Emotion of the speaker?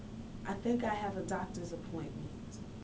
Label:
neutral